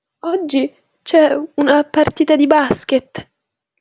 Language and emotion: Italian, fearful